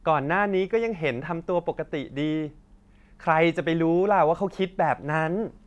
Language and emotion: Thai, frustrated